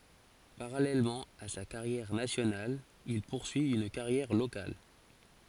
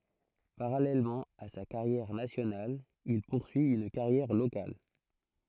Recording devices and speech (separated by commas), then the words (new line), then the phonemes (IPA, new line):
forehead accelerometer, throat microphone, read sentence
Parallèlement à sa carrière nationale, il poursuit une carrière locale.
paʁalɛlmɑ̃ a sa kaʁjɛʁ nasjonal il puʁsyi yn kaʁjɛʁ lokal